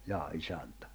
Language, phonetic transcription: Finnish, 'jaa 'isäntä ?
- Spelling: jaa isäntä

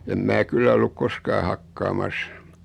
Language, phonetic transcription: Finnish, em "mää 'kyllä olluk 'koskaa "hakkaamas .
- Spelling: en minä kyllä ollut koskaan hakkaamassa

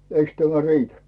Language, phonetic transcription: Finnish, 'eiks tämä "riitä ?
- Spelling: eikös tämä riitä

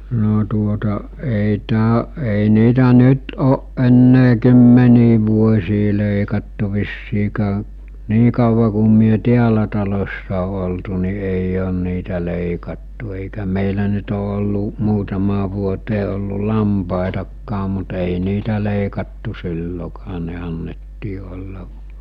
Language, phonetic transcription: Finnish, no tuota , ei 'tää- , ei niitä 'nyt ooˀ ˀenne 'kymmenii vuos̜ii lèikattu vissiikää , 'nii kauva ku myö 'tiälä talossa o oltu ni eij ‿on niitä lèikattu èikä 'mèilä nyt o ollu , 'muutamaa vuotee ollu 'lampàetakkaa mut èi 'niitä lèikattu 'sillokaa ne annettii olla ,.
- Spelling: no tuota ei - ei niitä nyt ole enää kymmeniin vuosiin leikattu vissiin niin kauan kun me täällä talossa on oltu niin ei ole niitä leikattu eikä meillä nyt ole ollut muutamaan vuoteen ollut lampaitakaan mutta ei niitä leikattu silloinkaan ne annettiin olla

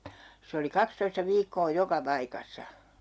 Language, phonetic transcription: Finnish, 'se oli "kakstoista 'viikkoo "joka 'paikassa .
- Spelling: se oli kaksitoista viikkoa joka paikassa

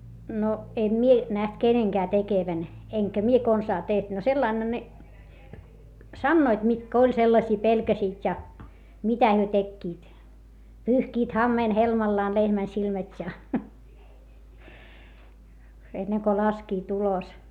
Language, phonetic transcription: Finnish, no , em mie , näht keneŋkää tekevän , eŋkä mie konsaa teht - no sellainha ne , sannoit mitkä oĺ sellaśii pelkäsiit ja , mitä hyö tekkiit , pyyhkiit hammeen helmallaan lehmän silmät́ ja , enneŋ ko laskiit ‿ulos .
- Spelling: no en minä nähnyt kenenkään tekevän enkä minä konsaan tehnyt no sillä laillahan ne sanoivat mitkä oli sellaisia pelkäsivät ja mitä he tekivät pyyhkivät hameen helmallaan lehmän silmät ja ennen kuin laskivat ulos

